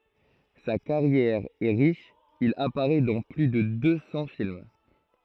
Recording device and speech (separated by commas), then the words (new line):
throat microphone, read sentence
Sa carrière est riche, il apparaît dans plus de deux cents films.